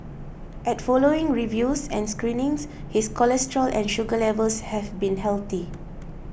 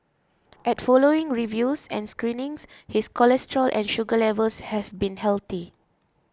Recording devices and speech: boundary microphone (BM630), close-talking microphone (WH20), read sentence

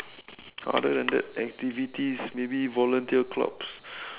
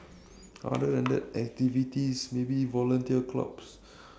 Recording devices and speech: telephone, standing microphone, conversation in separate rooms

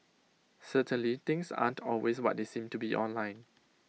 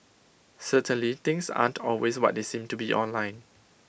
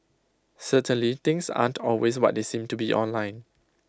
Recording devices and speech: mobile phone (iPhone 6), boundary microphone (BM630), close-talking microphone (WH20), read sentence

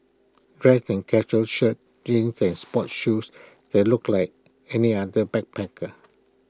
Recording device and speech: close-talking microphone (WH20), read sentence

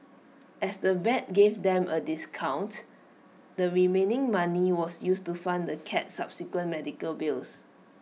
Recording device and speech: mobile phone (iPhone 6), read sentence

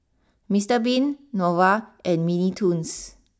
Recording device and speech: standing microphone (AKG C214), read sentence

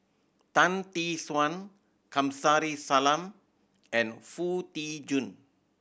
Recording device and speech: boundary microphone (BM630), read sentence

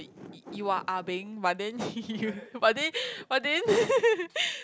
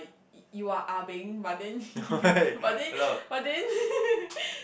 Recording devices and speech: close-talking microphone, boundary microphone, conversation in the same room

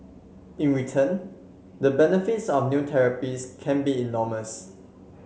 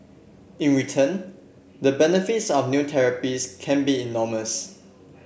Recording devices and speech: mobile phone (Samsung C7), boundary microphone (BM630), read sentence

